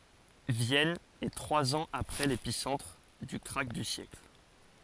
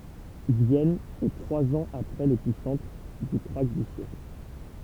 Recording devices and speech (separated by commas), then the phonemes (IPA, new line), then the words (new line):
forehead accelerometer, temple vibration pickup, read sentence
vjɛn ɛ tʁwaz ɑ̃z apʁɛ lepisɑ̃tʁ dy kʁak dy sjɛkl
Vienne est trois ans après l'épicentre du krach du siècle.